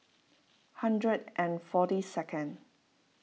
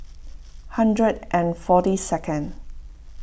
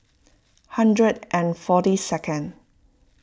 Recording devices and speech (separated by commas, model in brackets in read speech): mobile phone (iPhone 6), boundary microphone (BM630), close-talking microphone (WH20), read sentence